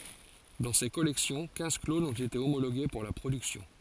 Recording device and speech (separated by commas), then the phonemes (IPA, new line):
forehead accelerometer, read sentence
dɑ̃ se kɔlɛksjɔ̃ kɛ̃z klonz ɔ̃t ete omoloɡe puʁ la pʁodyksjɔ̃